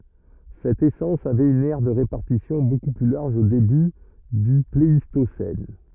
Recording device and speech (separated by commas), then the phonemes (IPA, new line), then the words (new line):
rigid in-ear microphone, read sentence
sɛt esɑ̃s avɛt yn ɛʁ də ʁepaʁtisjɔ̃ boku ply laʁʒ o deby dy pleistosɛn
Cette essence avait une aire de répartition beaucoup plus large au début du Pléistocène.